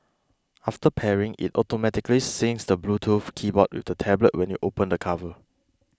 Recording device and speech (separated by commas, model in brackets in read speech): close-talking microphone (WH20), read sentence